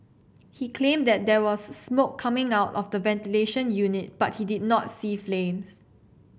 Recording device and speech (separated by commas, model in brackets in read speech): boundary microphone (BM630), read sentence